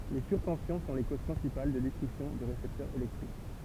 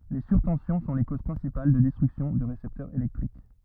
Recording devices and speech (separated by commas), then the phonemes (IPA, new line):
temple vibration pickup, rigid in-ear microphone, read sentence
le syʁtɑ̃sjɔ̃ sɔ̃ le koz pʁɛ̃sipal də dɛstʁyksjɔ̃ də ʁesɛptœʁz elɛktʁik